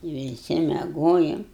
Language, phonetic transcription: Lithuanian, viˈsi meˈgojum

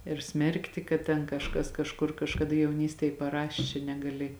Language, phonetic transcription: Lithuanian, ir ˈsmerkti kad ten kažˈkas kažˈkur kažkaˈda jauˈnystėj paˈrašė čia negaˈli

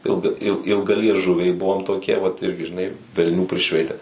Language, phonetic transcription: Lithuanian, ˈilga il ilgalieˈžuviai ˈbuvom toˈkie vat ˈirgi žiˈnai velˈnių priˈšveite

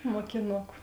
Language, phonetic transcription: Lithuanian, mokiˈnuku

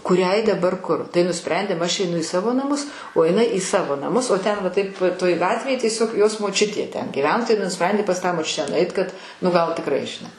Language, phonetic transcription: Lithuanian, kuˈriai daˈbar ˈkur tai nuˈsprendėm ˈaš eiˈnu i ˈsavo naˈmus o jiˈnai į ˈsavo naˈmus o ˈten va ˈtaip toj ˈgatvėj tieˈsiog ˈjos moˈčiutė ˈten giˈveno tai nuˈsprendė pas ˈtą moˈčiutę nuˈait kad nu ˈgal tikˈrai žiˈnai

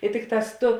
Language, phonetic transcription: Lithuanian, i ˈtikˌtās ˈtu

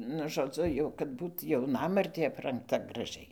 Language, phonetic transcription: Lithuanian, nu žoˈdzu ˈjau kad ˈbūt jauˈnamartė aprangˈta graˈžiai

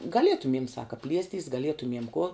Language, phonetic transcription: Lithuanian, gaˈlietumiem ˈsaka ˈpliestys gaˈlietumiem kuo

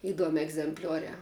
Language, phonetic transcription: Lithuanian, iˈduomi egzemˈpliuoriā

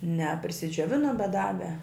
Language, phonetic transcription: Lithuanian, ne prisidžiuoˈvinum bet ˈdave

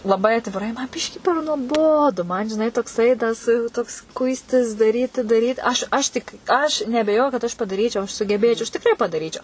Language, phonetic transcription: Lithuanian, laˈbai atviˈrai man ˈbiškį per nuoˈbodu man žiˈnai tokˈsai ˈtas toks ˈkuistis daˈryti daˈryt aš aš ˈtik aš neabeˈjoju kad aš padaˈryčiau aš sugeˈbėčiau aš tikˈrai padaˈryčiau

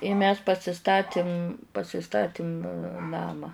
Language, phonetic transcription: Lithuanian, i mes pasiˈstatim pasiˈstatim ˈnamą

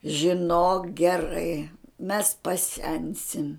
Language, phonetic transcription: Lithuanian, žiˈnok geˈrai mes paˈsensim

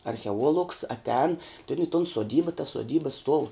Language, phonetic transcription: Lithuanian, archeˈuolugs atˈēn i ton soˈdyba tas soˈdyba stuov

